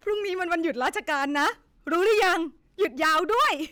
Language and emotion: Thai, happy